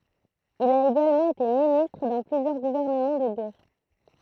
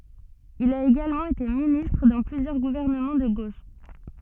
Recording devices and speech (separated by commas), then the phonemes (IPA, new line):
throat microphone, soft in-ear microphone, read sentence
il a eɡalmɑ̃ ete ministʁ dɑ̃ plyzjœʁ ɡuvɛʁnəmɑ̃ də ɡoʃ